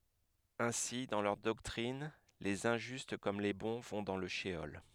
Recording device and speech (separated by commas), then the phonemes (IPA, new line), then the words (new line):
headset microphone, read sentence
ɛ̃si dɑ̃ lœʁ dɔktʁin lez ɛ̃ʒyst kɔm le bɔ̃ vɔ̃ dɑ̃ lə ʃəɔl
Ainsi, dans leur doctrine, les injustes comme les bons vont dans le sheol.